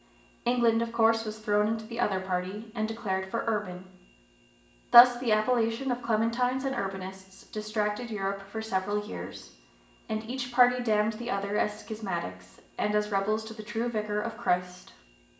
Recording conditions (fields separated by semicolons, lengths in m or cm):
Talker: one person; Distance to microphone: 1.8 m; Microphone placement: close; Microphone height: 1.0 m; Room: large; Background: none